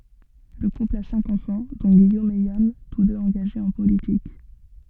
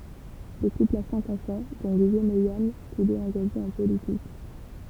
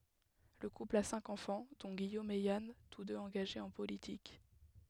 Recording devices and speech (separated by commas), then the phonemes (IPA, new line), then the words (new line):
soft in-ear microphone, temple vibration pickup, headset microphone, read sentence
lə kupl a sɛ̃k ɑ̃fɑ̃ dɔ̃ ɡijom e jan tus døz ɑ̃ɡaʒez ɑ̃ politik
Le couple a cinq enfants, dont Guillaume et Yann, tous deux engagés en politique.